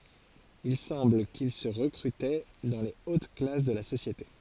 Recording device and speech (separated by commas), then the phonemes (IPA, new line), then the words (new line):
forehead accelerometer, read sentence
il sɑ̃bl kil sə ʁəkʁytɛ dɑ̃ le ot klas də la sosjete
Il semble qu'ils se recrutaient dans les hautes classes de la société.